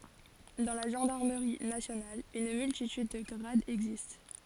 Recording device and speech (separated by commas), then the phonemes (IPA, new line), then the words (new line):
forehead accelerometer, read sentence
dɑ̃ la ʒɑ̃daʁməʁi nasjonal yn myltityd də ɡʁadz ɛɡzist
Dans la gendarmerie nationale, une multitude de grades existe.